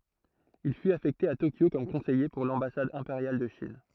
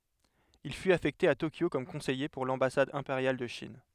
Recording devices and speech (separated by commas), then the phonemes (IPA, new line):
throat microphone, headset microphone, read sentence
il fyt afɛkte a tokjo kɔm kɔ̃sɛje puʁ lɑ̃basad ɛ̃peʁjal də ʃin